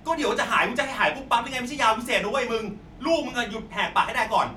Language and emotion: Thai, angry